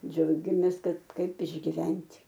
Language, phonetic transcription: Lithuanian, ˈdžiaugiamės ˈkad ˈkaip išgiˈvent'

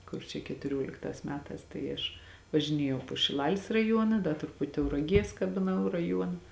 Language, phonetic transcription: Lithuanian, ˈkur čia ketuˈrioliktās ˈmetās tai ˈaš važiˈnėjau po šiˈlalis raˈjuona ˈda truˈput' tauraˈgies kabiˈnau raˈjuona

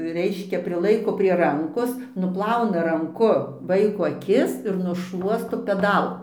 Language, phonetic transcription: Lithuanian, ˈreiškia priˈlaiko prie ˈrankos nuˈplauna ranˈku ˈvaiko aˈkis ir nušˈluosto peˈdal

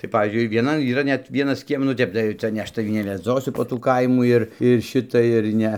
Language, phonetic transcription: Lithuanian, tai ˈpavyzdžiui ir vieˈnan yˈra ˈnet ˈvienas ˈkiem nu ˈtep tai ˈca ne ˈaš taˈvį neveˈdzosu po ˈtų ˈkaimų ir ir ˈšita ir ˈne

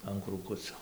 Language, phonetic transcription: Lithuanian, an krūˈkuco

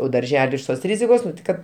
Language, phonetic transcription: Lithuanian, o darˈželi iš ˈtos ˈrizikos ˈkad

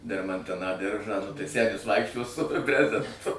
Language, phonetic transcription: Lithuanian, dermanˈtiną ˈdiržą nu tai ˈsenis ˈvaikščios su ˈbrezentu

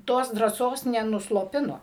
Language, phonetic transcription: Lithuanian, ˈtos drąˈsos nenusloˈpino

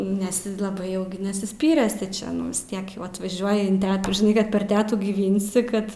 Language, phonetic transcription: Lithuanian, nes i laˈbai ˈjau nesisˈpyrėsi čia nu vis ˈtiek jau atvaˈžiuoji in ˈtetų žiˈnai ˈkad per ˈtetų gyˈvinsi ˈkad

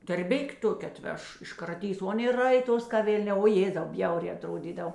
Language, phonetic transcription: Lithuanian, tarˈbik' ˈtoke aˈtveš iškraˈtys o ˈaˌnė ˈraiˌtos ka ˈvėlˌnē o ˈjėzau ˈbjaurē aˈtrodydav

